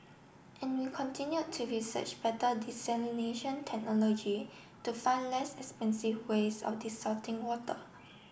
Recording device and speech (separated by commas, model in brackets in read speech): boundary microphone (BM630), read sentence